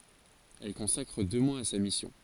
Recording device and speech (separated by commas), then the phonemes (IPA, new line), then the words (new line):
forehead accelerometer, read sentence
ɛl kɔ̃sakʁ dø mwaz a sa misjɔ̃
Elle consacre deux mois à sa mission.